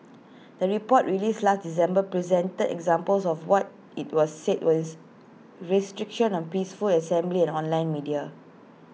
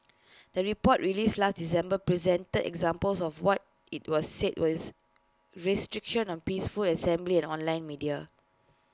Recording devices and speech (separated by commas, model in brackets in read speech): mobile phone (iPhone 6), close-talking microphone (WH20), read sentence